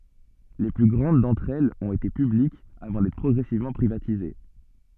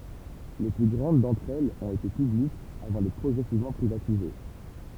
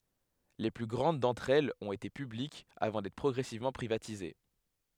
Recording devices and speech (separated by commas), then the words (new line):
soft in-ear microphone, temple vibration pickup, headset microphone, read sentence
Les plus grandes d’entre elles ont été publiques avant d’être progressivement privatisées.